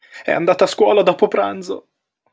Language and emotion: Italian, fearful